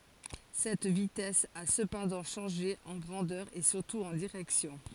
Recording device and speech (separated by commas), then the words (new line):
forehead accelerometer, read sentence
Cette vitesse a cependant changé, en grandeur et surtout en direction.